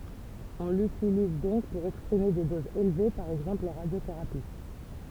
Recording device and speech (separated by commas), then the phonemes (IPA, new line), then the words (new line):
temple vibration pickup, read sentence
ɔ̃ lytiliz dɔ̃k puʁ ɛkspʁime de dozz elve paʁ ɛɡzɑ̃pl ɑ̃ ʁadjoteʁapi
On l'utilise donc pour exprimer des doses élevées, par exemple en radiothérapie.